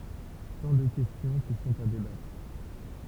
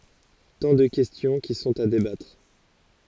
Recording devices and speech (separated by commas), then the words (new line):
temple vibration pickup, forehead accelerometer, read sentence
Tant de questions qui sont à débattre.